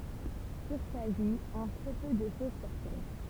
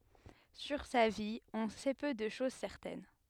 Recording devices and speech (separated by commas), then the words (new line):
temple vibration pickup, headset microphone, read sentence
Sur sa vie, on sait peu de choses certaines.